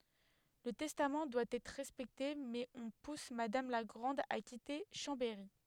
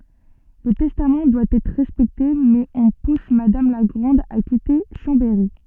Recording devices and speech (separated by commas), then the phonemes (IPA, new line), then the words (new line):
headset microphone, soft in-ear microphone, read sentence
lə tɛstam dwa ɛtʁ ʁɛspɛkte mɛz ɔ̃ pus madam la ɡʁɑ̃d a kite ʃɑ̃bɛʁi
Le testament doit être respecté mais on pousse Madame la Grande à quitter Chambéry.